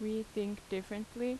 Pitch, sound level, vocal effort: 215 Hz, 83 dB SPL, normal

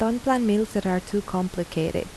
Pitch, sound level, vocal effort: 205 Hz, 80 dB SPL, soft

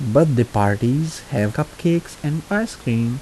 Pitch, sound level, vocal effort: 145 Hz, 78 dB SPL, soft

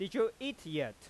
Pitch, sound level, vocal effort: 195 Hz, 94 dB SPL, loud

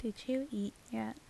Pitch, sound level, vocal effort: 215 Hz, 76 dB SPL, soft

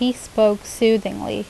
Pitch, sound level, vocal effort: 215 Hz, 82 dB SPL, normal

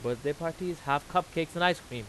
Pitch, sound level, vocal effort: 165 Hz, 93 dB SPL, very loud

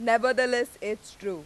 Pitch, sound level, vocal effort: 230 Hz, 96 dB SPL, very loud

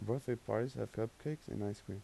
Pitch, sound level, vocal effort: 115 Hz, 81 dB SPL, soft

